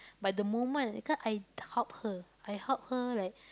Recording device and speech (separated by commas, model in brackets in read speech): close-talking microphone, conversation in the same room